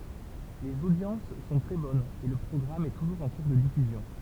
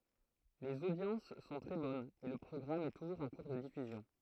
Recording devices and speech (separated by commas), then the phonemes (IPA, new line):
temple vibration pickup, throat microphone, read sentence
lez odjɑ̃s sɔ̃ tʁɛ bɔnz e lə pʁɔɡʁam ɛ tuʒuʁz ɑ̃ kuʁ də difyzjɔ̃